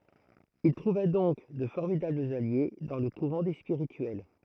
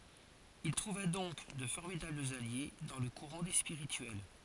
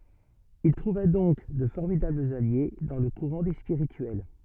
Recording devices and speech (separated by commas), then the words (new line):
throat microphone, forehead accelerometer, soft in-ear microphone, read sentence
Il trouva donc de formidables alliés dans le courant des Spirituels.